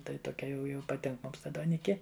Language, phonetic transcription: Lithuanian, ˈtai toˈkia jau jau paˈtink ˈmums ˈta duoˈniki

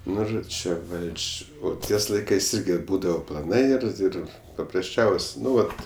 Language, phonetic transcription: Lithuanian, ˈnu ˈžo ˈčia ˈvaldž' ˈo ˈties ˈlaikais ˈirgi ˈbūdavo plaˈnai ir ˈir paprasˈčiaus' ˈnu ˈvat

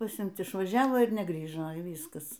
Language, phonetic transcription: Lithuanian, paˈsimt išvaˈžiavo ir neˈgrįžo y ˈvyskas

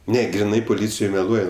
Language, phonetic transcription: Lithuanian, ˈne griˈnai poˈlycijoj meˈluoj

